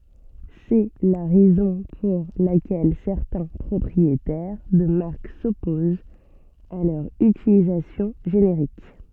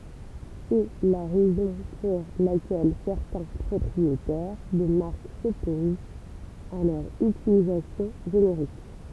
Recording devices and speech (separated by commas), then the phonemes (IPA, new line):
soft in-ear microphone, temple vibration pickup, read sentence
sɛ la ʁɛzɔ̃ puʁ lakɛl sɛʁtɛ̃ pʁɔpʁietɛʁ də maʁk sɔpozt a lœʁ ytilizasjɔ̃ ʒeneʁik